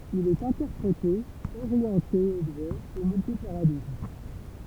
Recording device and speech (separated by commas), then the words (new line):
temple vibration pickup, read sentence
Il est interprété, orienté objet et multi-paradigme.